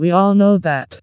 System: TTS, vocoder